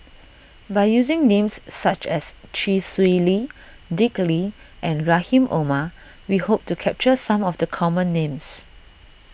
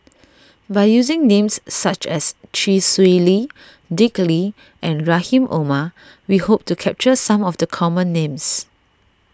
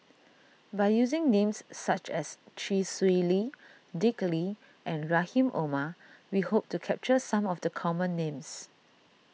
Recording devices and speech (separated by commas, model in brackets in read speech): boundary microphone (BM630), standing microphone (AKG C214), mobile phone (iPhone 6), read sentence